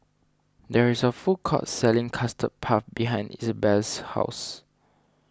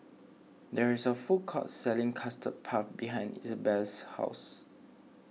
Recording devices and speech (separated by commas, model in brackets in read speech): standing microphone (AKG C214), mobile phone (iPhone 6), read sentence